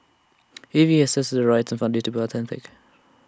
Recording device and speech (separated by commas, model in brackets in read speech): standing microphone (AKG C214), read sentence